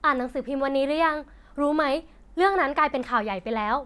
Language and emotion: Thai, neutral